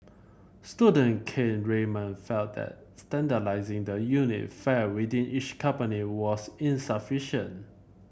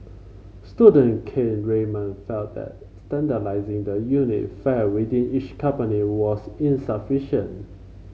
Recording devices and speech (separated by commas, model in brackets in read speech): boundary microphone (BM630), mobile phone (Samsung C5), read sentence